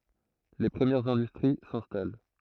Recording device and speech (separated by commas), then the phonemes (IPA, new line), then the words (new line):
throat microphone, read sentence
le pʁəmjɛʁz ɛ̃dystʁi sɛ̃stal
Les premières industries s'installent.